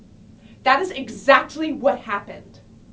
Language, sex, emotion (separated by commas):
English, female, angry